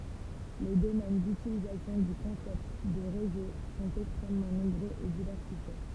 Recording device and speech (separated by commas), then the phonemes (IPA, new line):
temple vibration pickup, read sentence
le domɛn dytilizasjɔ̃ dy kɔ̃sɛpt də ʁezo sɔ̃t ɛkstʁɛmmɑ̃ nɔ̃bʁøz e divɛʁsifje